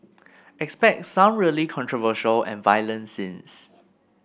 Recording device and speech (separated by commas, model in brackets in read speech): boundary microphone (BM630), read sentence